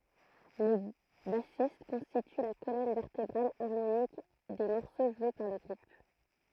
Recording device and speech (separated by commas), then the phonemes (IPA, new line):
throat microphone, read sentence
lə basist kɔ̃stity la kolɔn vɛʁtebʁal aʁmonik de mɔʁso ʒwe paʁ lə ɡʁup